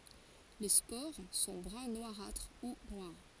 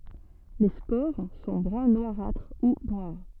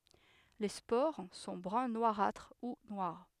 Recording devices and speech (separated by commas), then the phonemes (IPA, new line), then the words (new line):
forehead accelerometer, soft in-ear microphone, headset microphone, read sentence
le spoʁ sɔ̃ bʁœ̃ nwaʁatʁ u nwaʁ
Les spores sont brun noirâtre ou noires.